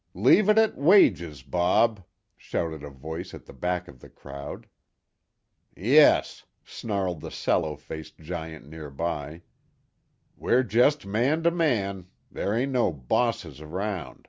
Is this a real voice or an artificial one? real